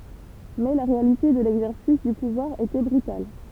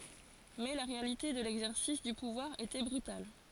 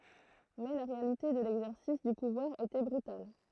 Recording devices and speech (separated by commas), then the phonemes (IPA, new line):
temple vibration pickup, forehead accelerometer, throat microphone, read sentence
mɛ la ʁealite də lɛɡzɛʁsis dy puvwaʁ etɛ bʁytal